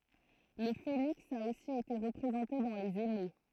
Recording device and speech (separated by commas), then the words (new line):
throat microphone, read sentence
Le phénix a aussi été représenté dans les émaux.